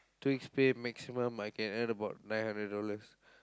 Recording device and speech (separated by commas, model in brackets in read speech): close-talking microphone, conversation in the same room